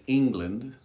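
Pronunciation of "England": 'England' is said with the ng sound, at normal speed, not slowed down and without emphasizing the ng sound.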